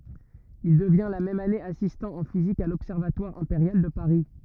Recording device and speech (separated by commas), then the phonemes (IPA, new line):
rigid in-ear microphone, read sentence
il dəvjɛ̃ la mɛm ane asistɑ̃ ɑ̃ fizik a lɔbsɛʁvatwaʁ ɛ̃peʁjal də paʁi